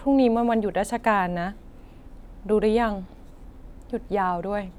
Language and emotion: Thai, neutral